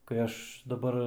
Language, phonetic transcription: Lithuanian, kai ˈaš daˈbar

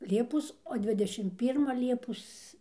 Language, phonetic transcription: Lithuanian, ˈliepos o ˈdvidešim ˈpyrma ˈliepos

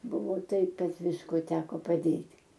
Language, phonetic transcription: Lithuanian, ˈbuvo ˈtaip ˈkad ˈvisko ˈteko paˈdėt'

